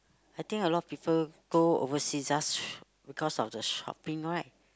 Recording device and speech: close-talking microphone, conversation in the same room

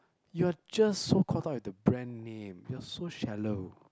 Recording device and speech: close-talking microphone, conversation in the same room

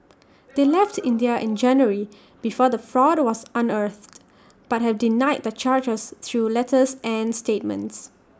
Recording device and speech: standing microphone (AKG C214), read sentence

